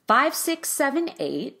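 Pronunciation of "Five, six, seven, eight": The voice goes up in pitch, getting higher through 'five, six, seven, eight'.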